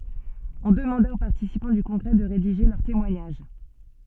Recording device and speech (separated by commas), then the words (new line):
soft in-ear microphone, read sentence
On demanda aux participants du congrès de rédiger leur témoignage.